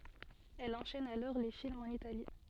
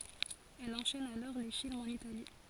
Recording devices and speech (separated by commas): soft in-ear microphone, forehead accelerometer, read sentence